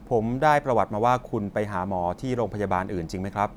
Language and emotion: Thai, neutral